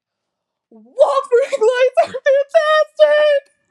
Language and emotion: English, sad